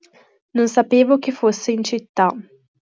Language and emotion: Italian, neutral